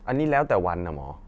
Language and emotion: Thai, neutral